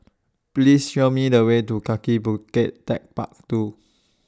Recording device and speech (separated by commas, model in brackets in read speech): standing microphone (AKG C214), read sentence